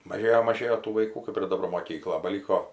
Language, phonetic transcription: Lithuanian, maˈžėjo maˈžėjo tų vaiˈkų kap ir daˈbar moˈkykla baˈlyko

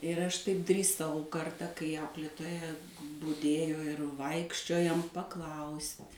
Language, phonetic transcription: Lithuanian, ir ˈaš taip drįˈsau ˈkarta kai ˈauklėtoja buˈdėjo ir ˈvaikščiojom paˈklaust'

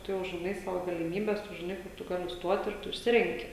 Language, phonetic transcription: Lithuanian, ˈtu jau žiˈnai ˈsavo galiˈmybes ˈtu žiˈnai ˈkur tu ˈgali ˈstuot ir ˈtu išˈsirenki

